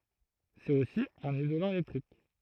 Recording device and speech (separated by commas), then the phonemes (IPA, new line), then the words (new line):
throat microphone, read sentence
sɛt osi œ̃n izolɑ̃ elɛktʁik
C'est aussi un isolant électrique.